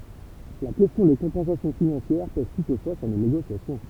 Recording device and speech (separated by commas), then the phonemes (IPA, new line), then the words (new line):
temple vibration pickup, read sentence
la kɛstjɔ̃ de kɔ̃pɑ̃sasjɔ̃ finɑ̃sjɛʁ pɛz tutfwa syʁ le neɡosjasjɔ̃
La question des compensations financières pèse toutefois sur les négociations.